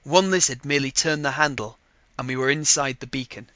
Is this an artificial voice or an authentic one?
authentic